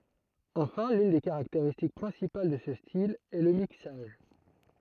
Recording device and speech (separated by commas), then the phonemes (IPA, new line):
throat microphone, read sentence
ɑ̃fɛ̃ lyn de kaʁakteʁistik pʁɛ̃sipal də sə stil ɛ lə miksaʒ